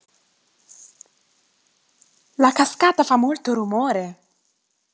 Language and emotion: Italian, surprised